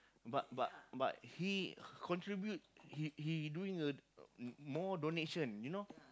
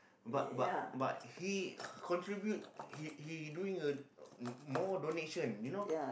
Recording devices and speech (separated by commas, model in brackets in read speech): close-talking microphone, boundary microphone, conversation in the same room